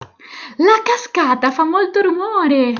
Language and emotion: Italian, happy